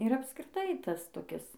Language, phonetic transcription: Lithuanian, ir apskriˈtai ˈtas toˈkis

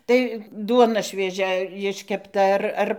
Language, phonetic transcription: Lithuanian, tai ˈduona švieˈžia jiškepˈta ˈar ˈar

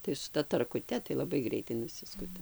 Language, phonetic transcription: Lithuanian, tai su ˈta tarkuˈte tai laˈbai ˈgreitai nuˈsiskuta

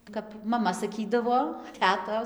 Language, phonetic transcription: Lithuanian, kap maˈma saˈkydavo ˈtetos

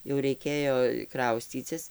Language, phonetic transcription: Lithuanian, jau raiˈkėjo ˈkrauscycis

